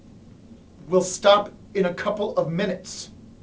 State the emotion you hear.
angry